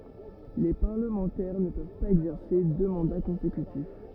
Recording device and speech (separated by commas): rigid in-ear microphone, read sentence